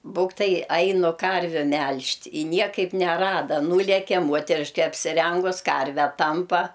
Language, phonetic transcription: Lithuanian, ˈbūktai ˈainu ˈkarviu ˈmelžt' i ˈniekaip neˈrada ˈnūleke ˈmuoteriške apsiˈrengus ˈkarvę ˈtampa

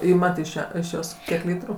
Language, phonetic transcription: Lithuanian, ˈimat iš ˈją iš ˈjos ˈkiek ˈlytru

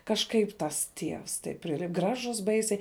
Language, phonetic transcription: Lithuanian, kažˈkaip tas ˈtievs taip ˈprili ˈgražus ˈbaisiai

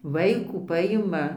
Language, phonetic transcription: Lithuanian, vaiˈkų ˈpajima

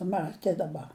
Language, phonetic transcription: Lithuanian, ˈmatė daˈba

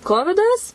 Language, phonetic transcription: Lithuanian, ˈkovidas

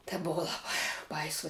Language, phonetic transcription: Lithuanian, tė ˈbuvo laˈbai ˈbaiso

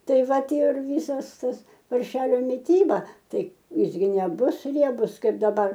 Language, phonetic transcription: Lithuanian, ˈtai ˈva ˈtie ir ˈvysas ˈtas parˈšelio miˈtyba ˈtai ˈjis gi neˈbus ˈriebus ˈkaip daˈbar

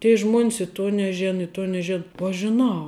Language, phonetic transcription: Lithuanian, tie ˈžmuon's i ˈtuo neˈžėna i ˈtuo neˈžėn uo ˈaš žiˈnau

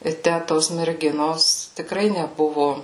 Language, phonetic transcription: Lithuanian, i ˈtæ ˈtos merˈginos tikˈrai neˈbuvu

